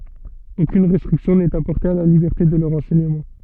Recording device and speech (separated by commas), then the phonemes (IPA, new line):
soft in-ear microphone, read sentence
okyn ʁɛstʁiksjɔ̃ nɛt apɔʁte a la libɛʁte də lœʁ ɑ̃sɛɲəmɑ̃